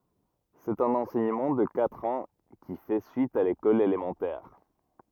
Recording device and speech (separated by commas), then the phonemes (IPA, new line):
rigid in-ear microphone, read sentence
sɛt œ̃n ɑ̃sɛɲəmɑ̃ də katʁ ɑ̃ ki fɛ syit a lekɔl elemɑ̃tɛʁ